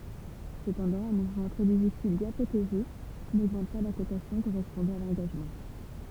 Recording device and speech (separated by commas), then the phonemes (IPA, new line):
temple vibration pickup, read sentence
səpɑ̃dɑ̃ œ̃ muvmɑ̃ tʁɛ difisil bjɛ̃ pʁoteʒe noɡmɑ̃t pa la kotasjɔ̃ koʁɛspɔ̃dɑ̃ a lɑ̃ɡaʒmɑ̃